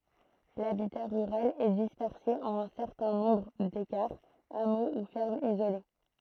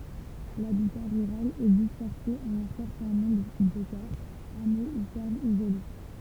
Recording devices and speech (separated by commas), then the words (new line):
throat microphone, temple vibration pickup, read sentence
L'habitat rural est dispersé en un certain nombre d'écarts, hameaux ou fermes isolées.